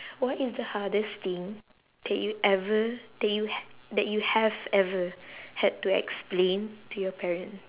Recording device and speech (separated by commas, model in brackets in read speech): telephone, conversation in separate rooms